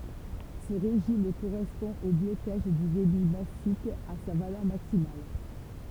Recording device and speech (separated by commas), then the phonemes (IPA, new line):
temple vibration pickup, read sentence
sə ʁeʒim koʁɛspɔ̃ o blokaʒ dy debi masik a sa valœʁ maksimal